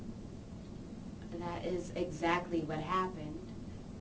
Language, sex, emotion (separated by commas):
English, female, neutral